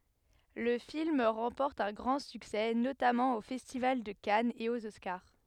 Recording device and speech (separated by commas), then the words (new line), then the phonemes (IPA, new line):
headset microphone, read sentence
Le film remporte un grand succès, notamment au Festival de Cannes et aux Oscars.
lə film ʁɑ̃pɔʁt œ̃ ɡʁɑ̃ syksɛ notamɑ̃ o fɛstival də kanz e oz ɔskaʁ